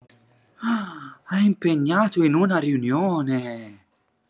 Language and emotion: Italian, surprised